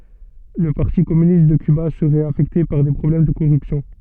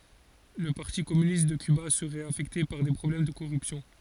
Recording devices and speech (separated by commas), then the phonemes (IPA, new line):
soft in-ear microphone, forehead accelerometer, read sentence
lə paʁti kɔmynist də kyba səʁɛt afɛkte paʁ de pʁɔblɛm də koʁypsjɔ̃